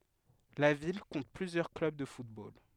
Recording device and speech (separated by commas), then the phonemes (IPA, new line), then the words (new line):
headset microphone, read sentence
la vil kɔ̃t plyzjœʁ klœb də futbol
La ville compte plusieurs clubs de football.